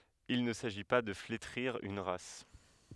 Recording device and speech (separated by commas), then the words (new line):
headset microphone, read sentence
Il ne s'agit pas de flétrir une race.